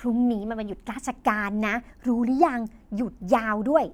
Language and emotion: Thai, happy